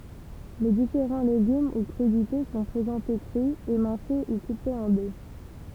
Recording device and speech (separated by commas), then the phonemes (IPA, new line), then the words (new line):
temple vibration pickup, read sentence
le difeʁɑ̃ leɡym u kʁydite sɔ̃ pʁezɑ̃te kʁy emɛ̃se u kupez ɑ̃ de
Les différents légumes ou crudités sont présentés crus, émincés ou coupés en dés.